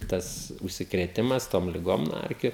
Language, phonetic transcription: Lithuanian, ˈtas užsikrėˈtimas tom liˈgom nuo ˈerkiu

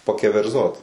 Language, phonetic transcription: Lithuanian, pakeverˈzot

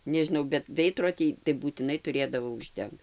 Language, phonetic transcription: Lithuanian, nežiˈnau bet ˈveidrodį tai būtiˈnai tuˈrėdavo užˈdengt

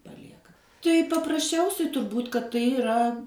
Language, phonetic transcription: Lithuanian, paˈlieka tai paprasˈčiausiai turˈbūt' kad tai iˈra

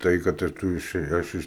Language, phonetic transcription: Lithuanian, ˈtai kad ir ˈtu iˈšėj ˈaš iš

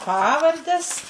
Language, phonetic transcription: Lithuanian, ˈpavardes

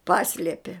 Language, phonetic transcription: Lithuanian, ˈpasliepie

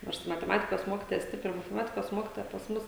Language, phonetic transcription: Lithuanian, ˈnors mateˈmatikos ˈmokytoja ˈstipri mateˈmatikos ˈmokitoja pas ˈmus

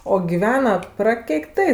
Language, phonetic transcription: Lithuanian, o giˈvena prakeikˈtai

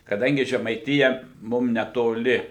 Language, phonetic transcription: Lithuanian, kaˈdangi žemaiˈtija ˈmum netoˈli

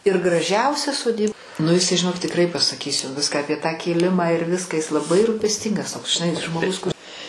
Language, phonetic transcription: Lithuanian, ir graˈžiausia soˈdyb nu iˈsai žiˈnok tikˈrai pasaˈkys jau ˈviską apie tą kėˈlimą ir ˈviska is laˈbai rupesˈtyngas toks žiˈnai žmoˈgus kur

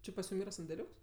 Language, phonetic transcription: Lithuanian, ˈči pasˈjum ˈyra sandeˈliūks

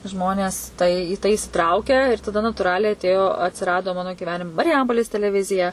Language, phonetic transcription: Lithuanian, ˈžmones tai į tai isiˈtraukia ir taˈda natūˈraliai atˈėjo atsiˈrado ˈmano gyˈvenim mariˈjampolės teleˈvizija

